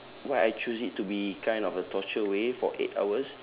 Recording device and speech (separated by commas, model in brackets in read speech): telephone, conversation in separate rooms